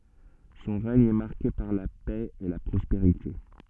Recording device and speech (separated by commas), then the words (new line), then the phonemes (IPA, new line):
soft in-ear microphone, read sentence
Son règne est marqué par la paix et la prospérité.
sɔ̃ ʁɛɲ ɛ maʁke paʁ la pɛ e la pʁɔspeʁite